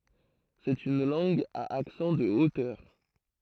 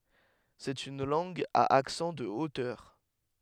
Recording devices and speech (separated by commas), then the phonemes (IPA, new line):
throat microphone, headset microphone, read sentence
sɛt yn lɑ̃ɡ a aksɑ̃ də otœʁ